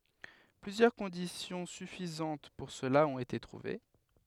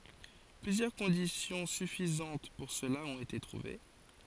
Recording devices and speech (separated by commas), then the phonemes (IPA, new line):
headset microphone, forehead accelerometer, read sentence
plyzjœʁ kɔ̃disjɔ̃ syfizɑ̃t puʁ səla ɔ̃t ete tʁuve